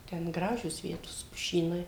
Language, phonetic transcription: Lithuanian, ten ˈgražios ˈvietos puˈšynai

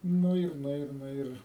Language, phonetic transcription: Lithuanian, ˈnu ir ˈnu ir ˈnu ir

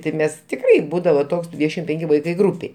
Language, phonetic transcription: Lithuanian, ti ˈmes ˈtikrai ˈbūdavo ˈtoks ˈdvydešim ˈpenki ˈvaikai ˈgrūpėj

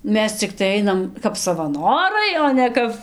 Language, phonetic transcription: Lithuanian, ˈmes cikˈtai ˈainam kap savaˈnorai o ne ˈkap

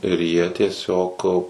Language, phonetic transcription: Lithuanian, ir jie tieˈsiog

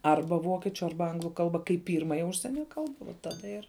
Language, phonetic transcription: Lithuanian, ˈarba ˈvokiečiu ˈarba ˈanglu ˈkalba kaip ˈpyrmaja ˈužsienia ˈkalba va ˈtada ir

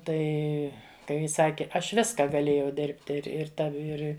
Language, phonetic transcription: Lithuanian, ˈtai ˈkai ji ˈsaki ˈaš ˈviska gaˈlėjau ˈdėrbti ir ir ˈtav' ˈir

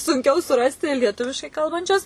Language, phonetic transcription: Lithuanian, sunˈkiau suˈrasti lieˈtuviškai ˈkalbančius

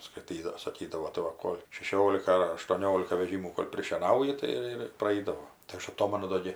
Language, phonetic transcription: Lithuanian, skaiˈtydav saˈkydavo tai ˈva ˈkol' šeˈšiolika ar aštuoˈniolika veˈžymų kol' prišieˈnauji ˈtai ir ir praˈeidavo tai ˈaš aˈtomanu ˈdo gi

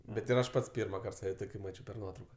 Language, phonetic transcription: Lithuanian, bet ir ˈaš ˈpats ˈpyrmaˌkart ˈsave ˈtoki ˈmačiau per ˈnuotrauka

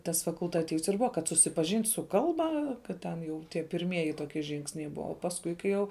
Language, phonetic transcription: Lithuanian, tas fakultaˈtyvs ir ˈbuva kad susipaˈžint' su ˈkalba kad ˈten jau tie pirˈmieji ˈtokie ˈžingsniai ˈbua o pasˈkui kai ˈjau

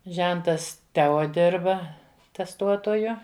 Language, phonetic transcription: Lithuanian, ˈžentas ˈteo ˈdirba tesˈtuotoju

